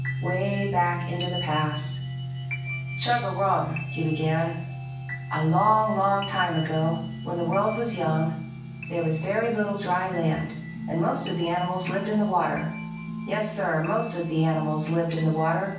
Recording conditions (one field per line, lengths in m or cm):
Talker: one person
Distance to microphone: 9.8 m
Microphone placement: far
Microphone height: 1.8 m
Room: large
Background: music